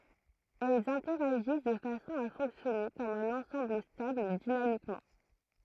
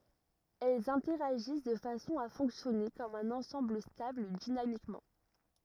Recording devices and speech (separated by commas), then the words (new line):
throat microphone, rigid in-ear microphone, read sentence
Elles interagissent de façon à fonctionner comme un ensemble stable dynamiquement.